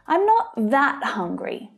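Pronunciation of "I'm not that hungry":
In 'I'm not that hungry', the word 'that' is stressed.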